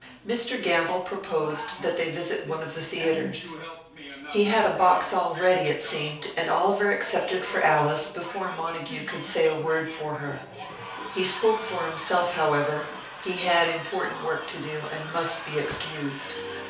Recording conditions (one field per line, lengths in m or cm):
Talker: one person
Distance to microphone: 3.0 m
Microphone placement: far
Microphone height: 1.8 m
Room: small (3.7 m by 2.7 m)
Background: television